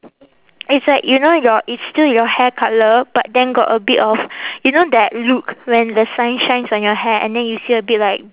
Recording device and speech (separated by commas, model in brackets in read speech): telephone, conversation in separate rooms